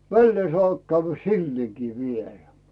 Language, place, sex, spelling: Finnish, Rautu, male, väleen saa käydä silleenkin vielä
- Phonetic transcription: vällee sᵒàp käyvvä "sillièkii 'vielä .

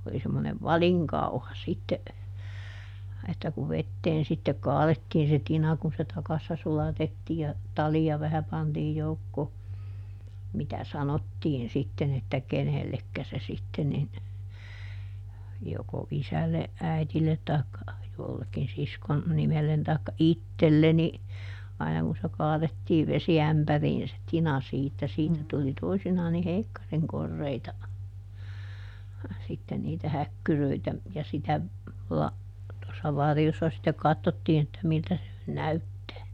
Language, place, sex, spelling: Finnish, Juupajoki, female, oli semmoinen valinkauha sitten että kun veteen sitten kaadettiin se tina kun se takassa sulatettiin ja talia vähän pantiin joukkoon mitä sanottiin sitten että kenellekä se sitten niin joko isälle äidille tai jollekin siskon nimelle tai itselleni aina kun se kaadettiin vesiämpäriin se tina siitä siitä tuli toisinaan niin heikkarin koreita sitten niitä häkkyröitä ja sitä - tuossa varjossa sitten katsottiin että miltä se nyt näyttää
- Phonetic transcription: oli semmonev "valiŋkauha sitte , että kuv ˈvetteen sitte "kaalettiin se ˈtina kun se ˈtakassa ˈsulatettii ja , "talija vähä ˈpantiij ˈjoukkoo , ˈmitä "sanottiin sitten ‿että "kenellekkä se sitten nin , joko ˈisälleʼ ˈʼäitillet taikka , jollekkin ˈsiskon , ˈnimellen taikka "ittelleni , ˈaina kun se ˈkaaδettiiv ˈvesiämpäriin se ˈtina siittä - siitä tuli ˈtoisinaan ni "heikkariŋ ˈkorreita , sitten niitä ˈhäkkyröitä , ja sitä , la- , tossa ˈvarjossa sittek ˈkattottii(n ‿)että ˈmiltä se nyn "näyttää .

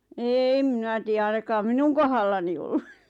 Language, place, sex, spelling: Finnish, Lappajärvi, female, en minä tiedä ainakaan minun kohdallani ollut
- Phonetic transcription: êm 'mⁱnä tiiʲä ainakaam "minuŋ kohallani ollu .

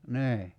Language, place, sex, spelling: Finnish, Kerimäki, male, niin
- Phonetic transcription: 'nii .

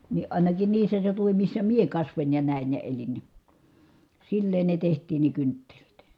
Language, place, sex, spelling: Finnish, Kitee, female, niin ainakin niissä seutuvin missä minä kasvoin ja näin ja elin niin silleen ne tehtiin ne kynttilät
- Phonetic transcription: ni ʼàinakin niissä seutuvim missä mie kasvoń ja nä̀in ja elin ni , silleen ne teht̀iin ne kynttelit .

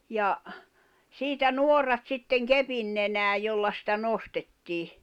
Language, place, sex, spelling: Finnish, Jämsä, female, ja siitä nuorat sitten kepin nenään jolla sitä nostettiin
- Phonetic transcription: ja , 'siitä "nuorrat sitteŋ "kepin nenää 'jolla sitä 'nostettii .

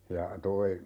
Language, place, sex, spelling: Finnish, Urjala, male, ja tuo
- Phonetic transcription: ja , 'toi , .

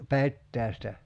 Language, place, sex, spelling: Finnish, Kerimäki, male, petäjästä
- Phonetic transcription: "pettäästä .

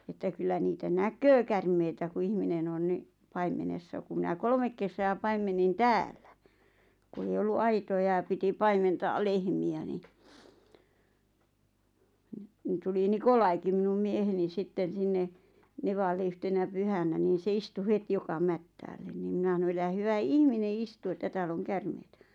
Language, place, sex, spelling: Finnish, Lappajärvi, female, että kyllä niitä näkee käärmeitä kun ihminen on niin paimenessa kun minä kolme kesää paimensin täällä kun ei ollut aitoja ja piti paimentaa lehmiä niin - niin tuli Nikolaikin minun mieheni sitten sinne nevalle yhtenä pyhänä niin se istui heti joka mättäälle niin minä sanoi älä hyvä ihminen istu että täällä on käärmeitä
- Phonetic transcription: että 'kyllä niitä "näköö 'kärmeitä ku 'ihminen ‿on ni , 'paimenessa ku mⁱnä "kolmek kesää 'paimennin "täällä , ku 'ei ollu "aitoja ʲa piti "paimentaa 'lehmi₍ä ni , ⁿ- , ni tuli "Nikolaiki minum 'mieheni 'sitten̬ 'sinne , "nevalle yhtenä 'pyhänä niin̬ se 'istu "het 'joka 'mättäällen ni mina hano » elä 'hyvä "ihmine "istu että 'tääll ‿oŋ 'kärmeitä « .

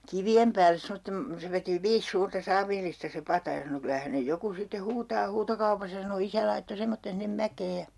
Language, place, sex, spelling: Finnish, Urjala, female, ja kivien päälle semmoisen se veti viisi suurta saavillista se pata ja sanoi kyllä hänen joku sitten huutaa huutokaupassa sanoi isä laittoi semmoisen sinne mäkeen ja
- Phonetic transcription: ja , 'kivi₍em pääles 'semottem , 'se veti 'viis 'suurta 'saavillista se "pata ja sano » 'kylä hänej 'joku sitte "huutaa 'huutokaupasa » sano 'isä laitto 'semmotten sinnem "mäkee ja ,.

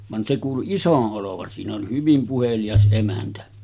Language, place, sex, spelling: Finnish, Sotkamo, male, vaan se kuului iso olevan siinä oli hyvin puhelias emäntä
- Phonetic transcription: van se kuulu "isoˀ 'ˀolovan siin ‿oli 'hyvim 'puhelijas ’emäntä .

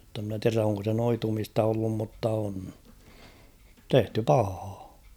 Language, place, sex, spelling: Finnish, Kauhava, male, jotta en minä tiedä onko se noitumista ollut mutta on tehty pahaa
- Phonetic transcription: [jot]te ‿mnä 'tiärä oŋko se 'noitumista ollum mutta on , "tehty "pahaa .

